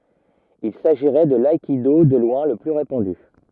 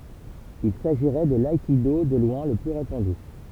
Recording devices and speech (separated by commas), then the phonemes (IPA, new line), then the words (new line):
rigid in-ear microphone, temple vibration pickup, read sentence
il saʒiʁɛ də laikido də lwɛ̃ lə ply ʁepɑ̃dy
Il s'agirait de l'aïkido de loin le plus répandu.